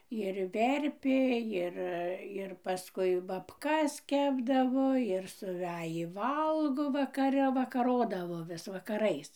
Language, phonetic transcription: Lithuanian, ir ˈverpė ˈjir ir paˈskui babˈkas ˈkepdavo ir suˈvejį ˈvalgo vakaˈre vakaˈrodavo ˈvis vakaˈrais

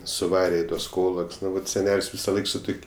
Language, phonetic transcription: Lithuanian, suˈvare i ˈtuos ˈkolok's' ˈnu ˈvat seˈnel's' visaˈlaik su ˈtuk'

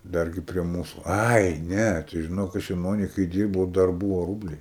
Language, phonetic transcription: Lithuanian, ˈdargi prie ˈmūsu ˈai ˈne tai žiˈnok ˈaš jaˈnony kai ˈdyrbau dar ˈbūvo ˈrūbliai

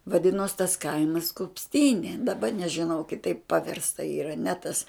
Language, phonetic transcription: Lithuanian, vaˈdinos tas ˈkaimas kupsˈtynė daˈba nežiˈnau kiˈtaip paˈvirsta yˈra ne ˈtas

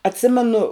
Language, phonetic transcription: Lithuanian, atˈsimenu

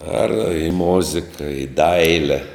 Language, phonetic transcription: Lithuanian, ar i ˈmozika i ˈdaile

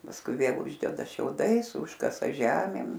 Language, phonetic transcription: Lithuanian, pasˈkui ˈvėl ˈuždeda šiauˈdais ˈužkasa ˈžemėm

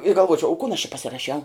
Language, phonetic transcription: Lithuanian, i galˈvuočiau u kun aš či pasiraˈšiau

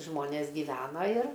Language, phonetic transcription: Lithuanian, ˈžmonės giˈvena ir

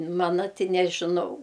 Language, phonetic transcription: Lithuanian, ˈmana ˈti nežiˈnau

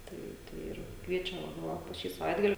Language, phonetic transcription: Lithuanian, ˈtai ˈtai ir ˈkviečia ˈva ˈva po ˈšį saˈvaitgali

